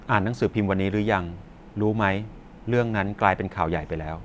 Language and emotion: Thai, neutral